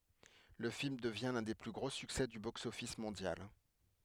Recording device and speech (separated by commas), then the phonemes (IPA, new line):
headset microphone, read sentence
lə film dəvjɛ̃ lœ̃ de ply ɡʁo syksɛ dy boksɔfis mɔ̃djal